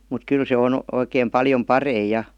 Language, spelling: Finnish, mutta kyllä se on oikein paljon parempi ja
- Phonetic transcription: mut "kyl se 'on , oikeem 'paljom "parei 'ja .

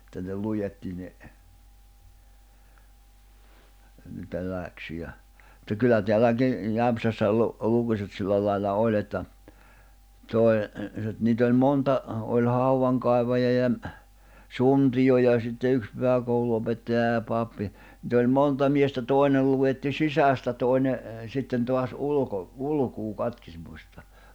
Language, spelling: Finnish, että ne luetti ne niitä läksyjä mutta kyllä täälläkin Jämsässä - lukuset sillä lailla oli että toi nyt niitä oli monta oli haudankaivajaa ja suntio ja sitten yksi pyhäkoulunopettaja ja pappi niitä oli monta miestä toinen luetti sisästä toinen sitten taas - ulkolukua katkismusta
- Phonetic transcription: [et]tä ne 'lujetti ne , niitä 'lä̀ksyjä , [mut]ta kyllä 'teälläki , 'Jämpsässä lu- , 'lukuset 'sillä lailla 'òĺ ‿että , 'toi̬ , (nyt) niit ‿oĺ 'monta , oĺ "hauwaŋkài̬vaja ja , 'suntijo ja sitte 'yks 'pyhäkoulu₍opettaja ja 'pappi , nⁱt ‿oĺ "monta 'miestä 'tòi̬nel luʷetti "sisä̀stä 'tòine , 'sitten 'toas '’uluko- , 'ᵘlukuu 'katkismusta .

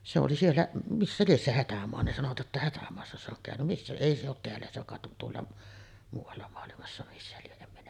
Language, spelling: Finnish, se oli siellä missä lie se Hätämaa ne sanoivat jotta Hätämaassa se on käynyt missä ei se ole täällä se kai on tuolla muualla maailmassa missä lie en minä
- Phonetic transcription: se oli 'siellä , 'missä lies se "Hätämoa , ne sanovat jotta 'Hätämoassa se ‿oŋ kä̀öny , missä 'èi se ‿ot 'teällä se kàet ’on 'tuolla , 'muuv̆valla moalimassa missä 'lieˀ 'ˀem minä ,.

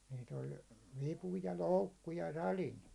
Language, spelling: Finnish, niitä oli vipu ja loukku ja sadin
- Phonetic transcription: nit ‿oĺ "vipu ja "loukku ja "salin .

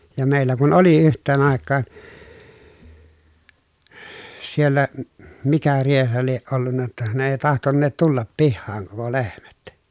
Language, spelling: Finnish, ja meillä kun oli yhteen aikaan siellä - mikä rieha lie ollut jotta ne ei tahtoneet tulla pihaan koko lehmät
- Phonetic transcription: ja mèillä kun oli yht̆teen àekkaan , siellä , m- mikä rieha lieʼ ʼollunna ‿tta ne èi tahtonneet tullap pihhaaŋ koko lehmät .

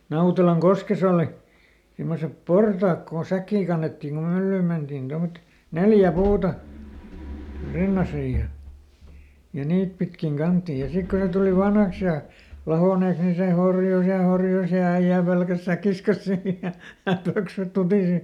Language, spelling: Finnish, Nautelankoskessa oli semmoiset portaat kun säkkiä kannettiin kun myllyyn mentiin tuommoiset neljä puuta rintaisin ja ja niitä pitkin kannettiin ja sitten kun ne tuli vanhaksi ja lahonneeksi niin se horjui ja horjui ja äijä pelkäsi säkkinsä kanssa siinä ja ja pöksyt tutisi
- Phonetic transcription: ˈNautelaŋ"koskes ‿òli , simmosep "portaak kon ˈsäkkii kannettiiŋ kum ˈmyllyym ˈmentiin ˈtommᵒtet , "neljä "puuta , ˈrinnasij ja , ja ˈniit pitkiŋ ˈkanttiij ja ˈsik kun ne tuli "vanhaks ja , ˈlahònèks ni ˈse "horjus ja "horjus ja ˈäiʲä̀ ˈpelkäs ˈsäkkis kas ˈsii ja , ja ˈpöksyt ˈtutìsi .

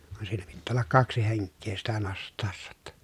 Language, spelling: Finnish, vaan siinä pitää olla kaksi henkeä sitä nostaessa jotta
- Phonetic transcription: van siinä pittää ollak kaksi heŋkkee sitä nost̆tàessa ʲᵒtta .

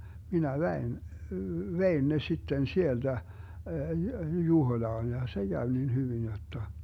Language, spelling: Finnish, minä vein vein ne sitten sieltä Juhoilaan ja se kävi niin hyvin jotta
- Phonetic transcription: 'minä "vɛin , 'vein ne 'sitten 'sielDä , 'Juhoⁱlaan ja , se 'Gäv nin 'hyvin jotta .

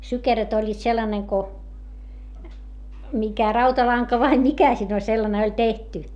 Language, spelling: Finnish, sykeröt olivat sellainen kuin mikä rautalanka vai mikä siinä oli sellainen oli tehty
- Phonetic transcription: sykeröt ‿oĺĺiit sellaneŋ ko , mikä rautalaŋka vai mikä siin ‿oĺ sellane oĺ tehty .

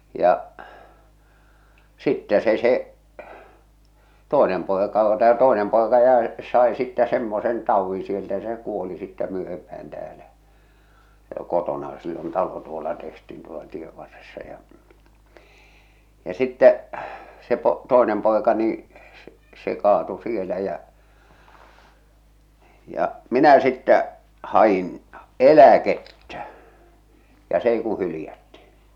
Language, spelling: Finnish, ja sitten se se toinen poika - tämä toinen poika jäi sai sitten semmoisen taudin sieltä ja se kuoli sitten myöhempään täällä kotonaan sillä on talo tuolla tehtiin tuolla tie varressa ja ja sitten se - se toinen poika niin se se kaatui siellä ja ja minä sitten hain eläkettä ja se ei kuin hylättiin
- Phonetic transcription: ja’ , sittɛ se se , "tòenem pòeka o- , tää 'tòenem pòeka jäe , sae sittä 'semmosen 'tauvviḭ sieltä ja se 'kuoli sittä 'myöhempäh̬än 'täälä , 'kotonaa sill ‿on "talo tuola tehti̳n tuola 'tie 'varressa ja , ja 'sittɛ , se po- , se "tòenem 'pòeka nii , se , se 'kaatu "sielä jä , ja’ , "minä sittä , 'haʲin , "elä'kettä , ja 's ‿ei ku 'hylⁱjätti .

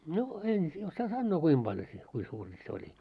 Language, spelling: Finnish, no en osaa sanoa kuinka paljon se kuinka suuri se oli
- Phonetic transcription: no 'en , 'ossaa sannoo 'kuim ʙaljo se , 'kui suuri se oĺi .

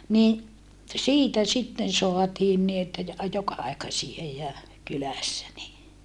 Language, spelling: Finnish, niin siitä sitten saatiin niin että ja joka-aikaisia ja kylässä niin
- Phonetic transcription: ni , siitä sitten soatiin ni että ja joka₍aikasie ja , kylässä ni .

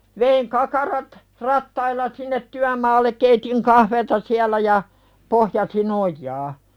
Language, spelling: Finnish, vein kakarat rattailla sinne työmaalle keitin kahvia siellä ja pohjasin ojaa
- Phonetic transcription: veiŋ 'kakarat , 'rattailla sinnet "tyämaallek 'keitiŋ "kahveeta siäl̆lä ja , 'pohjasi"n ‿oj̆jaa .

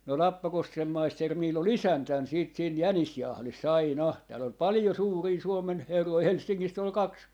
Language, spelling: Finnish, no Lappakosken maisteri minulla oli isäntänä sitten siinä jänisjahdissa aina täällä oli paljon suuria Suomen herroja Helsingistä oli kaksi
- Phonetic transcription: no "Lappakoskem 'maister 'miil ‿o"l ‿isäntän siit siin "jänisjahlis"s ‿aina , 'tääl ‿ol "palⁱjo 'suurii "Suomen 'herroi , "Helssiŋŋist ‿ol "kaks , .

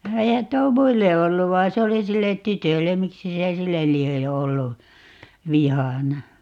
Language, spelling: Finnish, eihän tuo muille ollut vaan se oli sille tytölle miksi se sille lie ollut vihana
- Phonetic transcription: 'eihän 'tuo "muille 'ollu vain̬ 'se oli 'sillet̆ "tytöllem - "miksi se "sillel 'lie , 'ollu , "vihana ?

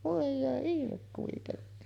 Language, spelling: Finnish, voi hyvä ihme kuitenkin
- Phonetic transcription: vòe hyvä 'ihmek kuitenni .

